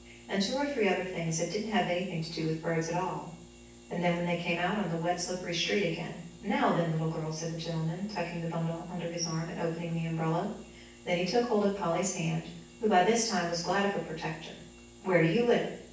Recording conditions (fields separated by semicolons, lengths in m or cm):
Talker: one person; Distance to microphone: 9.8 m; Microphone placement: far; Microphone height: 1.8 m; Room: large; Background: none